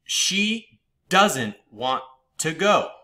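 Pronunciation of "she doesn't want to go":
In 'she doesn't want to go', the stress falls on 'doesn't' and on 'to'.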